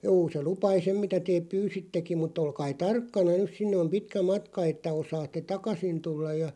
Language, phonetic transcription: Finnish, » 'juu se 'lupai "sem mitä teeᵖ "pyysittekiᵐ mut ‿'olkai "tarkkana 'nys sinne om "pitkä 'matka että 'osaatte "takasin 'tullaj ja ,.
- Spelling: juu se lupaili sen mitä te pyysittekin mutta olkaa tarkkana nyt sinne on pitkä matka että osaatte takaisin tulla ja

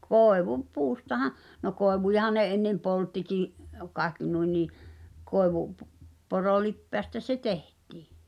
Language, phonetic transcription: Finnish, 'kòevu- , -"puustaha , no "koevujahan̆ ne ennem "polttikì’ , 'kaekki nui nii , 'kòevu- p- , -'porolippeästä se "teht̀ɪɪ .
- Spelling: - koivupuustahan no koivujahan ne ennen polttikin kaikki noin niin - - koivunporolipeästä se tehtiin

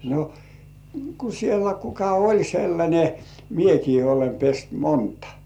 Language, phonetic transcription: Finnish, no , ku sielä 'kuka "oĺ 'sellańe , "miekii olem pest 'montᴀ .
- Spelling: no kun siellä kuka oli sellainen minäkin olen pessyt monta

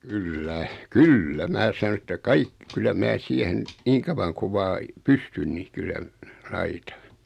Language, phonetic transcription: Finnish, kyl"lä , "kyllä 'mää sᵃno että 'kaik- , kyllä 'mää "siehen , 'niiŋ kavaŋ kuᵛ 'vaa , "pystyn ni 'kyllä , "laitᴀ .
- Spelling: kyllä kyllä minä sanoin että - kyllä minä siihen niin kauan kun vain pystyn niin kyllä laitan

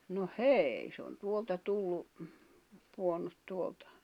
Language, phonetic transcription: Finnish, no "heei se on 'tuolta 'tullu , puonnut 'tuoltᴀ .
- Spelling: no hei se on tuolta tullut pudonnut tuolta

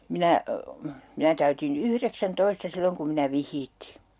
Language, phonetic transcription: Finnish, 'minä , 'minä täytin "yhreksän'toista 'silloŋ kum minä 'vih̆hiittii .
- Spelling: minä minä täytin yhdeksäntoista silloin kun minä vihittiin

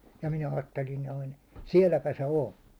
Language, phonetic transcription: Finnish, ja 'minä 'aattelin noin̬ , "siɛlläpä se 'on̬ .
- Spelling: ja minä ajattelin noin sielläpä se on

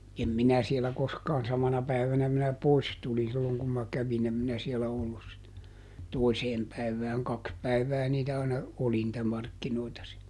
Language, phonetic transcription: Finnish, ˈem "minä sielä ˈkoskaan - ˈsamana päivänä minä ˈpois tulin ˈsilloŋ kum ma ˈkävin ‿em ˈminä sielä ˈollus sit , "toiseem ˈpäiv̆vääŋ - ˈkaks päiv̆vää ˈniitä aina , "oli nⁱtä ˈmarkkinoita (siäl) .
- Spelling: en minä siellä koskaan samana päivänä minä pois tulin silloin kun minä kävin en minä siellä ollut sitten toiseen päivään kaksi päivää niitä aina oli niitä markkinoita siellä

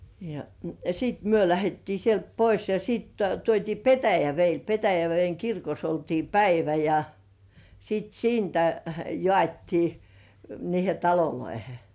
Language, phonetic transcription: Finnish, ja , 'sìt "myö lähettii sielt "pois ja sìt 'tuot́ii "Petäveil Petävej̳§eŋ 'kirkos oltii "päivä ja , sit "siintä , 'jŏàt́tii , niihe "taloloihe .
- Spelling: ja sitten me lähdettiin sieltä pois ja sitten tuotiin Petäjävedelle Petäjäveden kirkossa oltiin päivä ja sitten siitä jaettiin niihin taloihin

